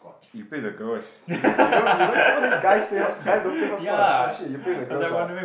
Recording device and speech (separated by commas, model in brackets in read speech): boundary microphone, conversation in the same room